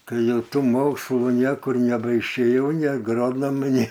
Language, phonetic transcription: Lithuanian, ˈkai ˈjau ˈtų ˈmokslų ˈniekur nebaiˈšėjau ˈnė aˈgronomu ˈnė

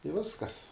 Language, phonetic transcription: Lithuanian, i ˈviskas

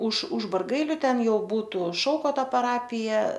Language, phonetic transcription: Lithuanian, už už barˈgailiu ˈten ˈjau ˈbūtu ˈšaukoto paˈrapija

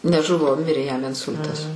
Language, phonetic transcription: Lithuanian, neˈžuvo ˈmirė jam inˈsul'tas

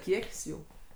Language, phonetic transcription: Lithuanian, ˈkiek's' ˈjų

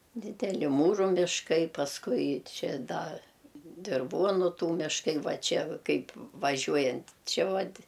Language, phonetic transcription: Lithuanian, dideˈli ˈmūrų mišˈkai pasˈkui ˈčia ˈda dirˈvuonu ˈtų mišˈkai ˈva ˈčia ˈkaip vaˈžiuojant' ˈči ˈvat'

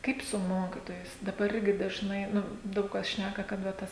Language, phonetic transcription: Lithuanian, ˈkaip su ˈmokitojais daˈbar ˈirgi dažˈnai ˈnu ˈdaug kas ˈšnæka kad va ˈtas

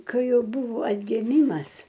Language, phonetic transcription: Lithuanian, ˈkai ˈjau ˈbuvo atgiˈmymas

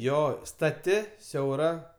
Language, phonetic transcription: Lithuanian, ˈjo staˈti siauˈra

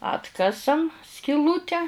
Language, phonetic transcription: Lithuanian, ˈatkasam skiˈlūte

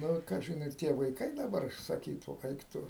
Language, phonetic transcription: Lithuanian, ˈnu ˈkažin ir ˈtie vaiˈkai daˈbar saˈkytų ˈaik ˈtu

